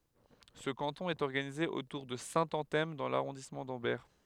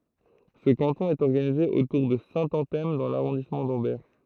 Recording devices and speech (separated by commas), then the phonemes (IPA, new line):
headset microphone, throat microphone, read sentence
sə kɑ̃tɔ̃ ɛt ɔʁɡanize otuʁ də sɛ̃tɑ̃tɛm dɑ̃ laʁɔ̃dismɑ̃ dɑ̃bɛʁ